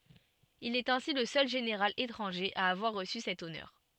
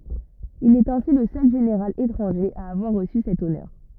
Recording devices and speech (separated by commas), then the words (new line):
soft in-ear microphone, rigid in-ear microphone, read sentence
Il est ainsi le seul général étranger à avoir reçu cet honneur.